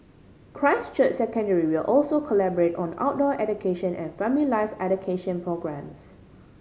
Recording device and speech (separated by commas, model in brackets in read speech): mobile phone (Samsung C5010), read sentence